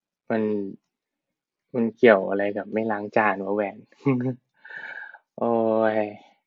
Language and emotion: Thai, frustrated